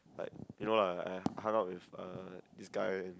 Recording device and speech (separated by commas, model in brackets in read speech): close-talking microphone, conversation in the same room